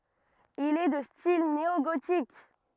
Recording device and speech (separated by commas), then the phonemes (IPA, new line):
rigid in-ear microphone, read sentence
il ɛ də stil neoɡotik